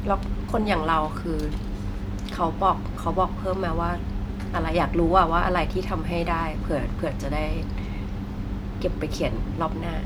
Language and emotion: Thai, neutral